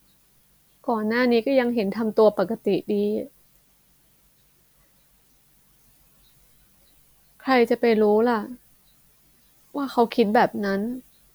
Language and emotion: Thai, sad